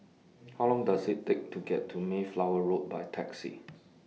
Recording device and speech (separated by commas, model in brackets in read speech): mobile phone (iPhone 6), read sentence